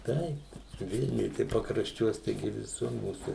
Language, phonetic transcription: Lithuanian, ˈtaip ˈvilniuj tai pakrašˈčiuos taiˈgi viˈsur ˈmūsų

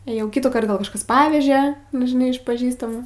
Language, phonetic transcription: Lithuanian, ėˈjau ˈkitųˌkart ˈgal kažˈkas ˈpaveže nu žiˈnai iš paˈžįstamų

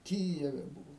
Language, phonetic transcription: Lithuanian, ˈkyjeve ˈbūvo

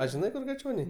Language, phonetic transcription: Lithuanian, a žiˈnai ˈkur gaˈčioniai

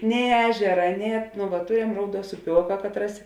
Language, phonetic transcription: Lithuanian, nei ˈežera nei at nu vat ˈturem ˈrauˌduos uˈpioka ˈkatˌras

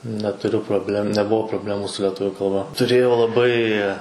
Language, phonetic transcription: Lithuanian, netuˈriu probˈlem neˈbuo probˈlemu su leˈtuviu kalˈba tuˈrėjau laˈbai

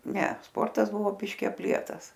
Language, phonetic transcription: Lithuanian, ˈne ˈsportas ˈbuvo ˈbiški apˈlietas

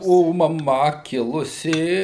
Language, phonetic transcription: Lithuanian, o maˈma ˈkilusi

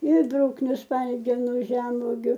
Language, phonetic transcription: Lithuanian, ir ˈbrukniu ˈspalgenu ˈžemvogiu

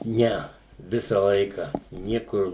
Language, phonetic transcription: Lithuanian, ˈne ˈvisa ˈlaika ˈniekur

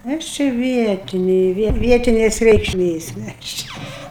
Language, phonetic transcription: Lithuanian, ˈaš čia ˈvietinė ˈvietinės reikšˈmės ˈmes ˈčia

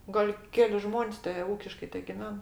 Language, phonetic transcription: Lithuanian, ˈgal' ˈkeli ˈžmon's' te ˈūkiškai tegiˈven

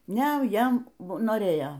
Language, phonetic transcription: Lithuanian, ˈne ˈjam noˈrėjo

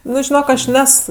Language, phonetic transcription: Lithuanian, ˈnu žiˈnok aš ˈnes

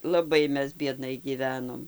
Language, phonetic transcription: Lithuanian, laˈbai ˈmes bieˈdnai gyˈvenom

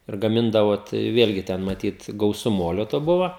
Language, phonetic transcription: Lithuanian, ir gaˈmindavo ˈtai ˈvėlgi ˈten maˈtyt gauˈsu ˈmolio to ˈbuvo

